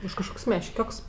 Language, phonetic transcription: Lithuanian, už kažˈkok's' mešˈkioks

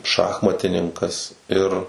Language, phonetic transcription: Lithuanian, ˈšachmatininkas ˈir

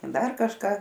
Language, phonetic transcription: Lithuanian, ˈdar kažˈką

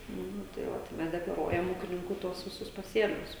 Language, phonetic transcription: Lithuanian, ˈnu tai ˈva tai ˈmes deklaˈruojam ˈūkininkų ˈtuos viˈsus paˈsėlius

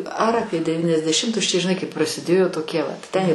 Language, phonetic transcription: Lithuanian, ar ˈapie devyniasdeˈšimtus čia žiˈnai kai prasiˈdėjo toˈkie vat ten

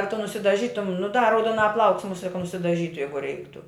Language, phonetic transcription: Lithuanian, a tu nusidaˈžytum nu da rauduoˈnā plauks muˈsie ka nusidaˈžytu ˈjeigu ˈreiktu

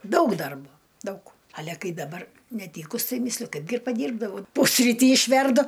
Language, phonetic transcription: Lithuanian, ˈdaug ˈdarbo ˈdaug ˈale ˈkai daˈbar neˈtykus tai ˈmysliu ˈkaipgi ir paˈdyrbdavau ˈpusrytį išˈverdu

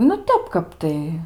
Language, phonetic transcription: Lithuanian, nu ˈtep ˈkap tai

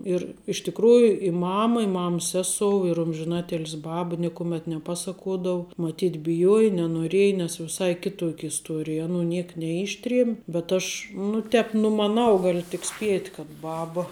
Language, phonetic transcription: Lithuanian, ir iš tikˈrųju i ˈmama i ˈmams ˈsesou ir ˈumžinatilsi ˈbaba ˈnikumet neˈpasakuodau maˈtyt biˈjuoja nenoˈrieja nes viˈsai ˈkituok' isˈtuorij aˈnų ˈniek neˈištriem' bet ˈaš nu ˈtēp numaˈnau ˈgaliu tik ˈspiet' kad ˈbaba

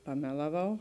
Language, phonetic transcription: Lithuanian, paˈmelaˌvau

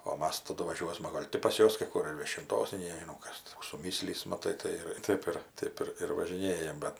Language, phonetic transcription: Lithuanian, o ˈmas taˈdu vaˈžiuosma ˈgol' ti pas ˈjuos kai kur ir viešinˈtos nei nežiˈnau ˈkas kų suˈmyslys maˈtai tai ˈir ˈtaip ir ˈtaip ir važiˈnėjam ˈbet

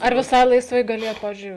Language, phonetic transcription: Lithuanian, ar viˈsai laisˈvai gaˈlėjat ˈpavizdžiui

